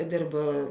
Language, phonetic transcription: Lithuanian, ˈdėrb

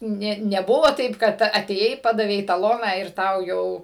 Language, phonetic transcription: Lithuanian, ˈnė neˈbuvo ˈtaip kad atėˈjai ˈpadavei taˈloną ir ˈtau ˈjau

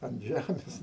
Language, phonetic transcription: Lithuanian, an ˈžæmės

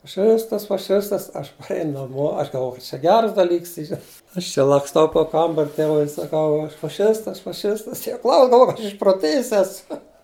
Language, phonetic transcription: Lithuanian, faˈšistas faˈšistas ˈaš paˈrein naˈmo ˈaš galˈvojau kad čia ˈgeras daˈlyks ˈyra ˈaš či laksˈtau po ˈkambar' ˈtėvui ir saˈkau ˈaš faˈšistas faˈšistas tie ˈklaus galˈvoj kad ˈaš išproˈtėjis ˈesu

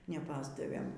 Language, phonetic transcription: Lithuanian, neˈpasdavėm

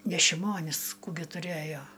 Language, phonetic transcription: Lithuanian, ne šiˈmonis ˈkų gi tuˈrejo

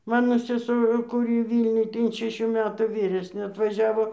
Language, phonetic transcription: Lithuanian, ˈmano seˈsu kuˈry ˈvylniuj tai in šeˈšių ˈmetų ˈvyresnė atvaˈžiavo

